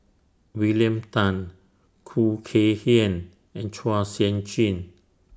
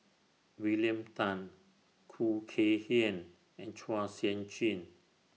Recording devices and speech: standing microphone (AKG C214), mobile phone (iPhone 6), read sentence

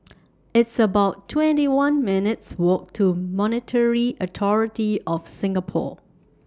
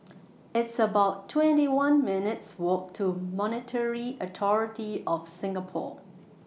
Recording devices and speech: standing microphone (AKG C214), mobile phone (iPhone 6), read sentence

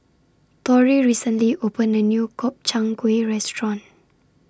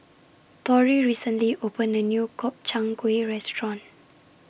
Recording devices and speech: standing microphone (AKG C214), boundary microphone (BM630), read sentence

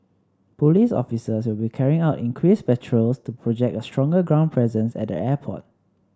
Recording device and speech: standing microphone (AKG C214), read sentence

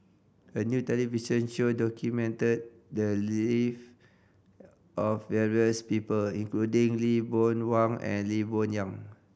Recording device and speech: boundary microphone (BM630), read sentence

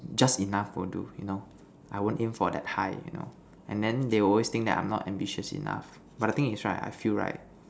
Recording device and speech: standing microphone, conversation in separate rooms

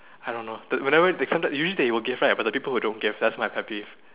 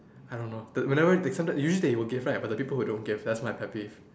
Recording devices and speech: telephone, standing microphone, conversation in separate rooms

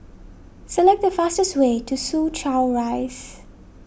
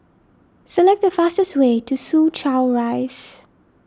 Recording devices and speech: boundary microphone (BM630), standing microphone (AKG C214), read sentence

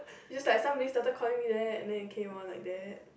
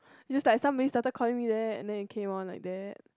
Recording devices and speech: boundary microphone, close-talking microphone, conversation in the same room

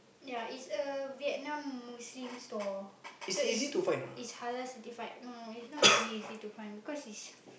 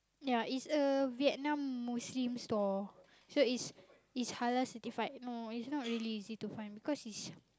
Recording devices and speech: boundary microphone, close-talking microphone, conversation in the same room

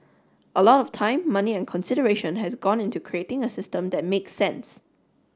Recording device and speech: standing microphone (AKG C214), read sentence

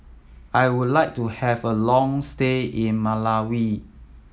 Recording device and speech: mobile phone (iPhone 7), read sentence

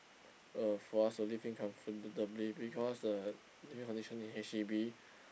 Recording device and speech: boundary microphone, conversation in the same room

